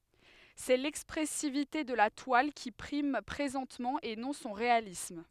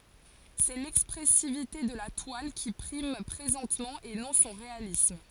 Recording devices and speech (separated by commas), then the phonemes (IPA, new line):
headset microphone, forehead accelerometer, read sentence
sɛ lɛkspʁɛsivite də la twal ki pʁim pʁezɑ̃tmɑ̃ e nɔ̃ sɔ̃ ʁealism